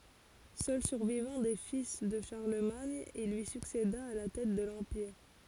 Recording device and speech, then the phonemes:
forehead accelerometer, read sentence
sœl syʁvivɑ̃ de fil də ʃaʁləmaɲ il lyi sykseda a la tɛt də lɑ̃piʁ

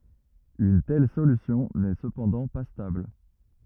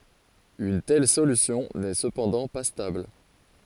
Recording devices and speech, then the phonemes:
rigid in-ear microphone, forehead accelerometer, read sentence
yn tɛl solysjɔ̃ nɛ səpɑ̃dɑ̃ pa stabl

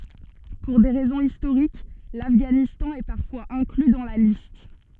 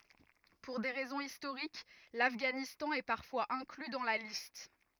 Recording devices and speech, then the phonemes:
soft in-ear microphone, rigid in-ear microphone, read sentence
puʁ de ʁɛzɔ̃z istoʁik lafɡanistɑ̃ ɛ paʁfwaz ɛ̃kly dɑ̃ la list

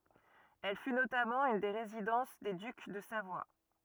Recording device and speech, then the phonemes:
rigid in-ear microphone, read sentence
ɛl fy notamɑ̃ yn de ʁezidɑ̃s de dyk də savwa

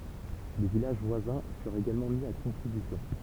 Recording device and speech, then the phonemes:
temple vibration pickup, read sentence
le vilaʒ vwazɛ̃ fyʁt eɡalmɑ̃ mi a kɔ̃tʁibysjɔ̃

